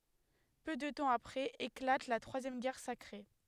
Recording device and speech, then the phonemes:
headset microphone, read sentence
pø də tɑ̃ apʁɛz eklat la tʁwazjɛm ɡɛʁ sakʁe

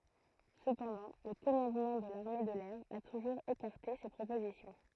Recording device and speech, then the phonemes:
throat microphone, read sentence
səpɑ̃dɑ̃ lə kɔmɑ̃dmɑ̃ də laʁme də lɛʁ a tuʒuʁz ekaʁte se pʁopozisjɔ̃

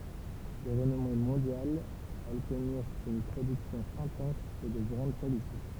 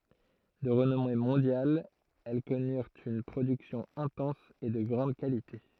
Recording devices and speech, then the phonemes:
temple vibration pickup, throat microphone, read sentence
də ʁənɔme mɔ̃djal ɛl kɔnyʁt yn pʁodyksjɔ̃ ɛ̃tɑ̃s e də ɡʁɑ̃d kalite

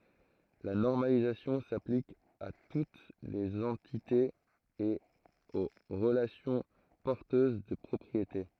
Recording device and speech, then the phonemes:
throat microphone, read sentence
la nɔʁmalizasjɔ̃ saplik a tut lez ɑ̃titez e o ʁəlasjɔ̃ pɔʁtøz də pʁɔpʁiete

